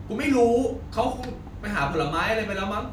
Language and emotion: Thai, frustrated